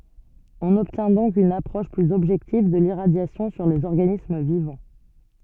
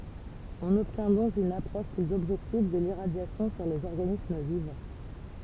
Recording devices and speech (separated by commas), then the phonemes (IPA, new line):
soft in-ear microphone, temple vibration pickup, read sentence
ɔ̃n ɔbtjɛ̃ dɔ̃k yn apʁɔʃ plyz ɔbʒɛktiv də liʁadjasjɔ̃ syʁ dez ɔʁɡanism vivɑ̃